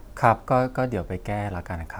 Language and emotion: Thai, neutral